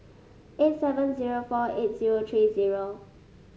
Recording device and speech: mobile phone (Samsung S8), read sentence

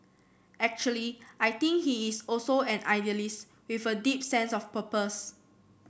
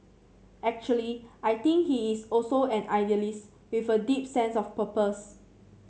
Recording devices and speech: boundary microphone (BM630), mobile phone (Samsung C7), read sentence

